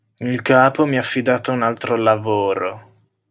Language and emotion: Italian, disgusted